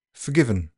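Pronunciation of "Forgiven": In 'forgiven' there are no schwas. The only vowel heard is the i in the middle, and the vowels in the first and last syllables are dropped.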